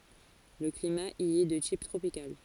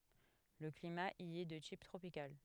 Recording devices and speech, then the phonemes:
forehead accelerometer, headset microphone, read sentence
lə klima i ɛ də tip tʁopikal

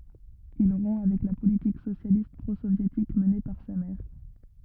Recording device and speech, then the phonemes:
rigid in-ear microphone, read sentence
il ʁɔ̃ avɛk la politik sosjalist pʁozovjetik məne paʁ sa mɛʁ

